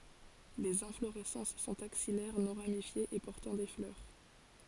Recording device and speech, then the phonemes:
forehead accelerometer, read sentence
lez ɛ̃floʁɛsɑ̃s sɔ̃t aksijɛʁ nɔ̃ ʁamifjez e pɔʁtɑ̃ de flœʁ

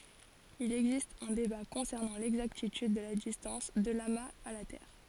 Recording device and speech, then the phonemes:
forehead accelerometer, read sentence
il ɛɡzist œ̃ deba kɔ̃sɛʁnɑ̃ lɛɡzaktityd də la distɑ̃s də lamaz a la tɛʁ

